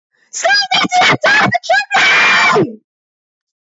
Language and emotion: English, happy